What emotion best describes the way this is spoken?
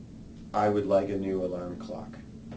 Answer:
neutral